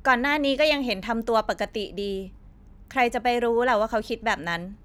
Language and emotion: Thai, frustrated